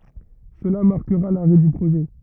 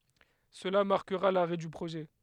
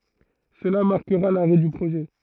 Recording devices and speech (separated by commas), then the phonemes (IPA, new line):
rigid in-ear microphone, headset microphone, throat microphone, read sentence
səla maʁkəʁa laʁɛ dy pʁoʒɛ